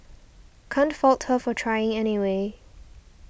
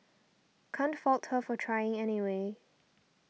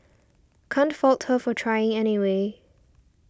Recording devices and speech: boundary microphone (BM630), mobile phone (iPhone 6), standing microphone (AKG C214), read sentence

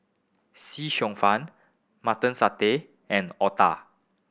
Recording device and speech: boundary microphone (BM630), read sentence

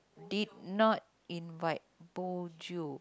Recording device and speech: close-talking microphone, conversation in the same room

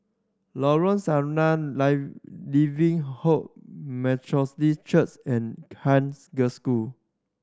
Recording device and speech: standing microphone (AKG C214), read sentence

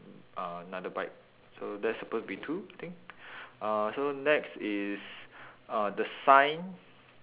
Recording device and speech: telephone, conversation in separate rooms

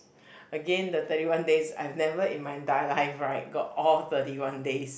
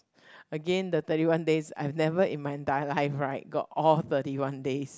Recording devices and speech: boundary microphone, close-talking microphone, conversation in the same room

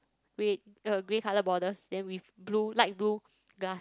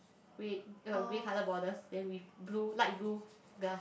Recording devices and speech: close-talking microphone, boundary microphone, conversation in the same room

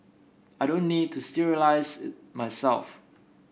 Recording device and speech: boundary microphone (BM630), read sentence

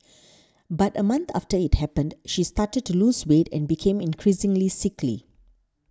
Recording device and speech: standing microphone (AKG C214), read sentence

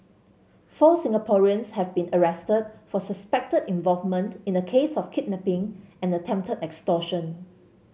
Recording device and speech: mobile phone (Samsung C7), read sentence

